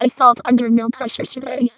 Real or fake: fake